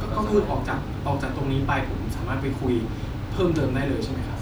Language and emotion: Thai, neutral